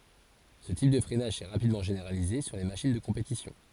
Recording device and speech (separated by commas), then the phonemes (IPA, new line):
forehead accelerometer, read sentence
sə tip də fʁɛnaʒ sɛ ʁapidmɑ̃ ʒeneʁalize syʁ le maʃin də kɔ̃petisjɔ̃